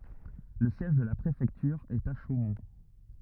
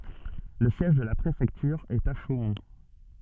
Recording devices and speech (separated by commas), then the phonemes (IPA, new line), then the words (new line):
rigid in-ear microphone, soft in-ear microphone, read sentence
lə sjɛʒ də la pʁefɛktyʁ ɛt a ʃomɔ̃
Le siège de la préfecture est à Chaumont.